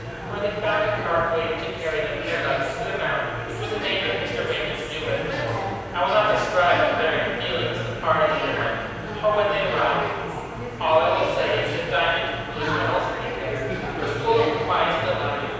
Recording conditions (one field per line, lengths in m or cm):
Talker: one person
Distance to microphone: 7.1 m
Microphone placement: far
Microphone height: 1.7 m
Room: very reverberant, large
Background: babble